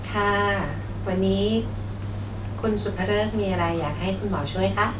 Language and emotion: Thai, neutral